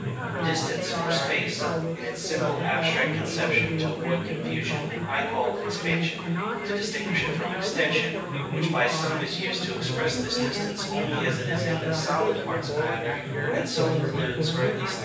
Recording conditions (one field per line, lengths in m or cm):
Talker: one person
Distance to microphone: 9.8 m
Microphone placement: far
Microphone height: 1.8 m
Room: large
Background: babble